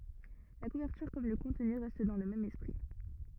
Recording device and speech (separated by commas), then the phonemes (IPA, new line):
rigid in-ear microphone, read sentence
la kuvɛʁtyʁ kɔm lə kɔ̃tny ʁɛst dɑ̃ lə mɛm ɛspʁi